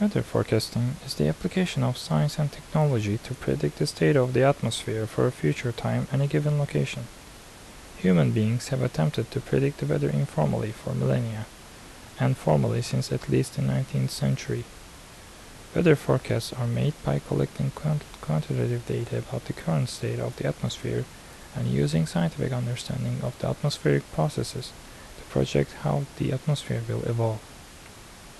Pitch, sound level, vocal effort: 110 Hz, 74 dB SPL, soft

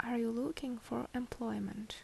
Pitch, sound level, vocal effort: 235 Hz, 70 dB SPL, soft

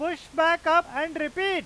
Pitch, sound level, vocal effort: 330 Hz, 103 dB SPL, very loud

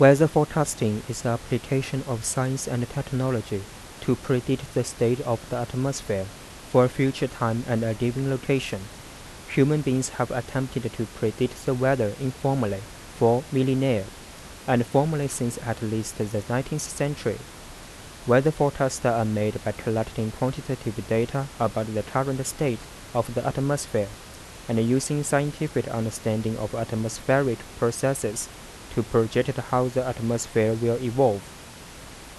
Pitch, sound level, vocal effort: 125 Hz, 82 dB SPL, soft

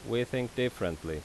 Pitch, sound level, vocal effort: 120 Hz, 84 dB SPL, loud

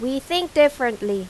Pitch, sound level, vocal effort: 260 Hz, 91 dB SPL, very loud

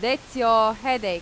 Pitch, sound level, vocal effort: 230 Hz, 94 dB SPL, very loud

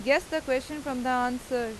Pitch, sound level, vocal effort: 260 Hz, 92 dB SPL, loud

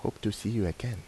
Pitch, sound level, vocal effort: 105 Hz, 79 dB SPL, soft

